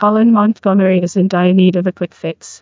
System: TTS, neural waveform model